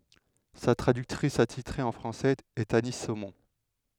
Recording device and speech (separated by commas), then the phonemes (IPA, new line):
headset microphone, read sentence
sa tʁadyktʁis atitʁe ɑ̃ fʁɑ̃sɛz ɛt ani somɔ̃